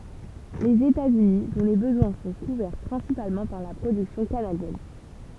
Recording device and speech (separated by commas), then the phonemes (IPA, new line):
temple vibration pickup, read sentence
lez etatsyni dɔ̃ le bəzwɛ̃ sɔ̃ kuvɛʁ pʁɛ̃sipalmɑ̃ paʁ la pʁodyksjɔ̃ kanadjɛn